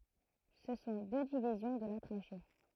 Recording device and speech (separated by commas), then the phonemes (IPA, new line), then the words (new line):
throat microphone, read sentence
sə sɔ̃ dø divizjɔ̃ də la tʁaʃe
Ce sont deux divisions de la trachée.